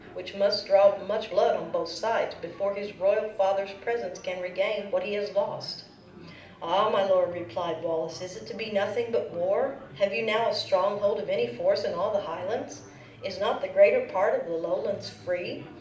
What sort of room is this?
A medium-sized room (about 5.7 m by 4.0 m).